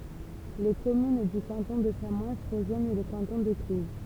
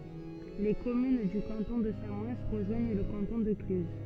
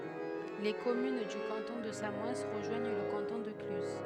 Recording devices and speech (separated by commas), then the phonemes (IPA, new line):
temple vibration pickup, soft in-ear microphone, headset microphone, read sentence
le kɔmyn dy kɑ̃tɔ̃ də samɔɛn ʁəʒwaɲ lə kɑ̃tɔ̃ də klyz